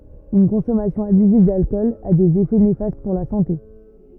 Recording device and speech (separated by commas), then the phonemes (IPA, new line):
rigid in-ear microphone, read sentence
yn kɔ̃sɔmasjɔ̃ abyziv dalkɔl a dez efɛ nefast puʁ la sɑ̃te